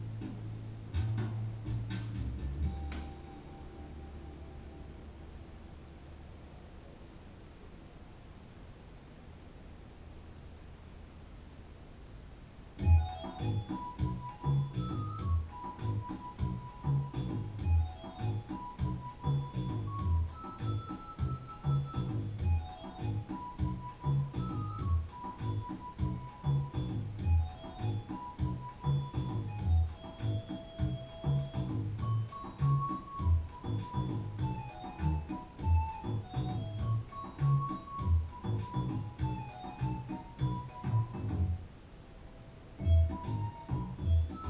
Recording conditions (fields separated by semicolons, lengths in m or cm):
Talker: no one; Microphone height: 1.8 m; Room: small (3.7 m by 2.7 m); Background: music